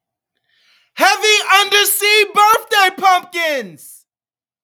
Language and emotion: English, happy